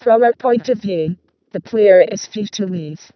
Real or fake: fake